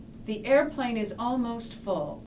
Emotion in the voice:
neutral